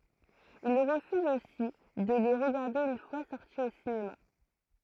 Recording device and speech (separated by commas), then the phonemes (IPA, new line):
throat microphone, read sentence
il ʁəfyz osi də le ʁəɡaʁde yn fwa sɔʁti o sinema